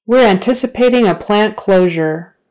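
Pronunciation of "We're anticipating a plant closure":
'We're anticipating a plant closure' is said slowly, not at a natural speed.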